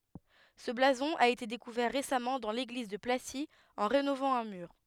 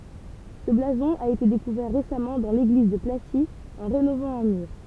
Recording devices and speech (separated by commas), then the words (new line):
headset microphone, temple vibration pickup, read sentence
Ce blason a été découvert récemment dans l'église de Placy en rénovant un mur.